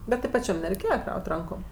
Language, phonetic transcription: Lithuanian, ˈbet ti paˈčiam nereiˈkėja ˈkraut' ˈrankom

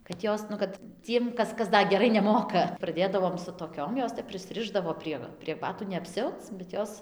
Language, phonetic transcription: Lithuanian, kad ˈjos nu ˈkad ˈciem ˈkas ˈkas ˈda geˈrai neˈmoka praˈdėdavom su toˈkiom ˈjos ˈtep prisˈrišdavo prie prie ˈbatų ne apˈsiauc bet ˈjos

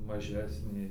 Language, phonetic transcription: Lithuanian, maˈžesnė

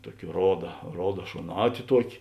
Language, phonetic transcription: Lithuanian, ˈtuoki ˈroda ˈroda šoˈnāti ˈtuoki

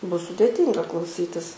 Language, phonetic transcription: Lithuanian, ˈbus sudėˈtynga klauˈsytis

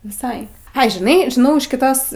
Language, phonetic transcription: Lithuanian, viˈsai ˈai žiˈnai žiˈnau iš kiˈtos

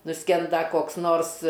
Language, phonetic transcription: Lithuanian, nuˈskenda koks ˈnors

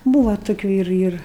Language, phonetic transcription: Lithuanian, ˈbūva toˈkių ir ir

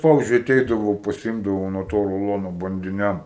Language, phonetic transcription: Lithuanian, ˈpavizdžiui aˈteidavau paˈsimdavau nuo ˈto ruˈlono bandiˈniam

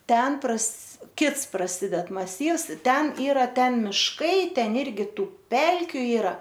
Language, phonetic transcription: Lithuanian, ˈten pras ˈkits praˈsided maˈsyvs ˈten ˈyra ˈten ˈmiškai ˈten ˈirgi ˈtų ˈpelkiu ˈyra

